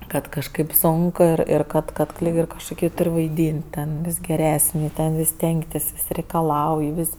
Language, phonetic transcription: Lithuanian, ˈkad kažˈkaip ˈsonk ˈir ˈir ˈkad ˈkad ˈlyg ir kažkuˈkį ˈtur' vaiˈdyn't' ten ˈvis geˈresni ˈten vis ˈstengtis ˈvis' reikaˈlauj ˈvis'

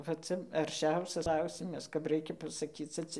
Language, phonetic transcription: Lithuanian, va ˈca arˈšiausias ˈklausimas kap ˈraikia pasaˈkyce ˈcia

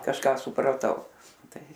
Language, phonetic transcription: Lithuanian, kažˈką supraˈtau ˈtai

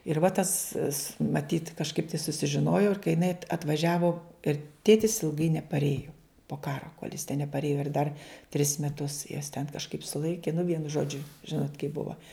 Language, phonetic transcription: Lithuanian, ir va tas s maˈtyt kažˈkaip tai susižiˈnojo ir kai jiˈnai at atvaˈžiavo ir ˈtėtis ilˈgai neparˈėju po ˈkaro kol' jis ten neparˈėjo ir dar tris meˈtus juos ten kažˈkaip suˈlaiki nu ˈvienu ˈžodžiu ˈžinot' kaip ˈbuva

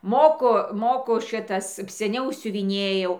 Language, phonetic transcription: Lithuanian, ˈmoku ˈmoku ˈšitas seˈniau siuviˈnėjau

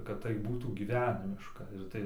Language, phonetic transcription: Lithuanian, kad tai ˈbūtų gyˈvenimiška ir ˈtai

